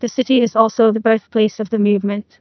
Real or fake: fake